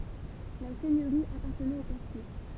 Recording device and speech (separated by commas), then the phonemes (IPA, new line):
temple vibration pickup, read sentence
la sɛɲøʁi apaʁtənɛt o pɛʁsi